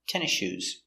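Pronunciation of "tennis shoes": In 'tennis shoes', the two words are linked, and the s at the end of 'tennis' is not heard before the sh of 'shoes'.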